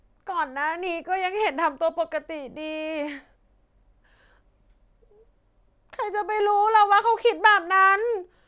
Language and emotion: Thai, sad